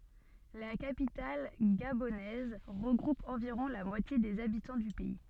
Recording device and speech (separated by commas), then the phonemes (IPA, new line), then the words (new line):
soft in-ear microphone, read sentence
la kapital ɡabonɛz ʁəɡʁup ɑ̃viʁɔ̃ la mwatje dez abitɑ̃ dy pɛi
La capitale gabonaise regroupe environ la moitié des habitants du pays.